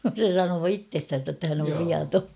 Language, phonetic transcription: Finnish, se 'sanoo "ittestän̬sä ‿ttä hän ov 'viatoo .
- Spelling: se sanoo itsestänsä että hän on viaton

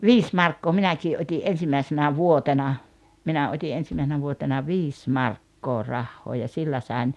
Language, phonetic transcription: Finnish, viis 'markkoo 'minäkii '’ot́i "’en̬simäisenä "vuotena , 'minä 'ot́i '’ensimäisenä vuotena "viis "markkoo 'rahhoo ja 'sillä sàen ,.
- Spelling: viisi markkaa minäkin otin ensimmäisenä vuotena minä otin ensimmäisenä vuotena viisi markkaa rahaa ja sillä sain

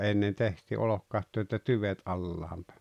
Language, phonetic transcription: Finnish, 'ennen tehti 'olokkatto että "tyvet '’allaam pᴀ̈ᴀ̈ .
- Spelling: ennen tehtiin olkikatto että tyvet alas päin

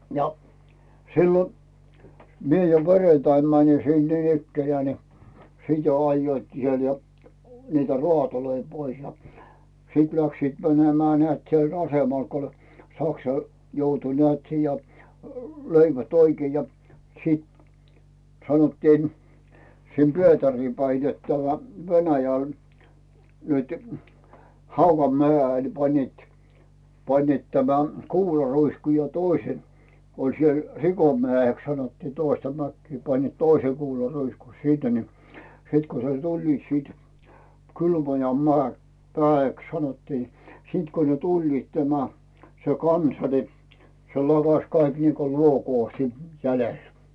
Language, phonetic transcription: Finnish, ja , 'sillo , 'mie jo "perentaim 'mäni sin niinikkenᵉää ni , "sit jo 'ajjoitkii siel ja , niitä "rᵘàtoloi 'pois ja , 'sit läksiit "mänemᵉä̀ nᵉä̀t siel 'asemal ko ‿oĺ , Saksa , 'joutu nᵉä̀t siija , 'löivät oikⁱe ja , 'siit , 'sanottiin , 'sim "Pietärii päi net tämä , 'Venäjäl , nytʏ , "Hauva'meä̀₍el 'pańnìt , 'pańnìt tämä , "kuularuisku ja 'toise , oĺ siel "Rikomä̀₍eks sanottii 'toista mäkkii panniit "toise kuularuisku 'sinne ni , 'sit ko ne 'tuĺliit siit , 'kylmoja 'mᵉä̀₍e , 'mᵉää₍eks sanottii ni , 'sìt ko ne 'tuĺliit tämä , se "kansa ni̬ , se "lakas 'kaik niiko 'luokoo siit , 'jälel .
- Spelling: ja silloin minä jo perjantaina menin sinne niinikään niin sitten jo ajoivatkin siellä ja niitä raatoja pois ja sitten lähtivät menemään näet siellä asemalla kun oli Saksa joutui näet siihen ja löivät oikein ja sitten sanottiin sinne Pietariin päin että tämä Venäjälle nyt Haudanmäelle panivat panivat tämän kuularuiskun ja toiset oli siellä Rikonmäeksi sanottiin toista mäkeä panivat toisen kuularuiskun sinne niin sitten kun ne tulivat sitten Kylmäojan - mäeksi sanottiin niin sitten kun ne tulivat tämä se kansa niin se lakaisi kaikki niin kuin luokoa sitten jäljelle

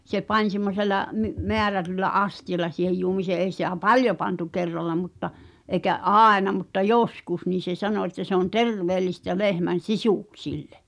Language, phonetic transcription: Finnish, se 'pań semmosela , my- , "meärätyllä '’asti₍ala si̳hej juomisee èi sitä "paljo pantu 'kerralla mutta , ’eĭkä "’àena mutta "joskus niin̬ se 'sano että se ‿on "terveelistä 'lehmän̬ "sisùksillᴇ .
- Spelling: se pani semmoisella - määrätyllä astialla siihen juomiseen ei sitä paljon pantu kerralla mutta eikä aina mutta joskus niin se sanoi että se on terveellistä lehmän sisuksille

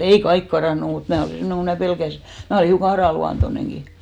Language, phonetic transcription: Finnish, 'ei "kaik karànnu mut 'mää olì 'semmoneŋ ko mää 'pelkäsi , 'mää olì hiuka "arà'luantoneŋki .
- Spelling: ei kaikki karannut mutta minä olin semmoinen kun minä pelkäsin minä olin hiukan aranluontoinenkin

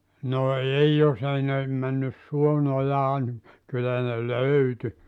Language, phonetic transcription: Finnish, no "ei 'jos ‿ei ne , 'männys "suo'n ‿ojaa nim , 'kyllä ne "löyty .
- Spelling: no ei jos ei ne mennyt suon ojaan niin kyllä ne löytyi

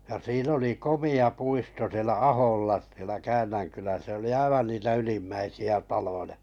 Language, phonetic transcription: Finnish, ja sii'n ‿oli "komi₍a 'puisto sⁱelä 'Aholla sielä "Käännäŋkylä- se oli 'aivan niitä 'ylimmäisi₍ä 'taloja .
- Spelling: ja siinä oli komea puisto siellä Aholla siellä - se oli aivan niitä ylimmäisiä taloja

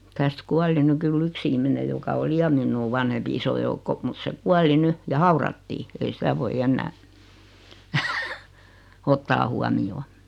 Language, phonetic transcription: Finnish, täst 'kuali 'ny kyl'l ‿yks ihmine joka 'oli "ja 'minnuu vanhempi 'iso joukko mut 'se "kuali 'ny , ja "haurattii , ei 'sitä voi 'ennää , 'ottaa huamijoo .
- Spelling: tästä kuoli nyt kyllä yksi ihminen joka oli ja minua vanhempi iso joukko mutta se kuoli nyt ja haudattiin ei sitä voi enää ottaa huomioon

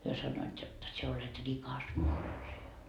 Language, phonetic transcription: Finnish, hyö sannoit jot , » sie olet "rikas morsi₍a » .
- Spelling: he sanoivat jotta sinä olet rikas morsian

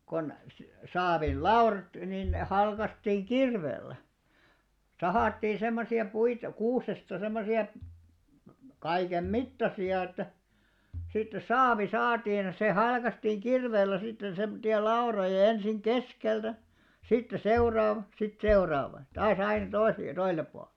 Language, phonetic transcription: Finnish, kon , 'saavil "laurat nin ne 'halkastiiŋ "ɢirveel̆lä , 'sahàttii 'semmosi₍a 'puit , 'kuusesta semmosi₍a , 'kaikem "mittasi₍a että , sitte "saavi "saatiin , se "halkastiiŋ 'kirveel̆lä sitten 'semᵒtti₍a "lauroja ja 'ensiŋ "ɢeskeltä , sitte "seuraava , sit "seoraava , ʲᵃ 'taa's ‿aina 'toi(sᵉle) ja 'toisellep 'pual .
- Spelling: kun saavilla laudat niin ne halkaistiin kirveellä sahattiin semmoisia puita kuusesta semmoisia kaiken mittaisia että sitten saavi saatiin se halkaistiin kirveellä sitten semmoisia lautoja ja ensin keskeltä sitten seuraava sitten seuraava ja taas aina toiselle ja toiselle puolen

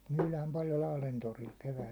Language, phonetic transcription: Finnish, 'myylääm paljo "Lahlen 'toril 'kevääst ‿aikaa .
- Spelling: myydään paljon Lahden torilla keväästä aikaa

